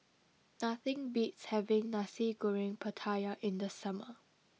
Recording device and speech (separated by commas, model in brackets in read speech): mobile phone (iPhone 6), read sentence